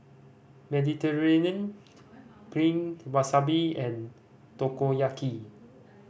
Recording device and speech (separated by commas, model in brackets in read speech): boundary microphone (BM630), read sentence